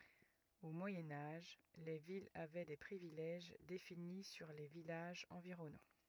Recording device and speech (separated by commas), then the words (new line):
rigid in-ear microphone, read sentence
Au Moyen Âge, les villes avaient des privilèges définis sur les villages environnants.